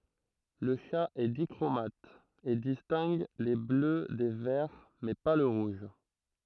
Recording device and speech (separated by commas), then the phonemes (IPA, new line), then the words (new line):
throat microphone, read sentence
lə ʃa ɛ dikʁomat e distɛ̃ɡ le blø de vɛʁ mɛ pa lə ʁuʒ
Le chat est dichromate, et distingue les bleus des verts, mais pas le rouge.